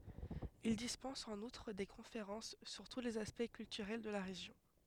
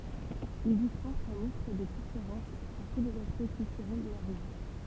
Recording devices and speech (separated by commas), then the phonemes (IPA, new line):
headset microphone, temple vibration pickup, read sentence
il dispɑ̃s ɑ̃n utʁ de kɔ̃feʁɑ̃s syʁ tu lez aspɛkt kyltyʁɛl də la ʁeʒjɔ̃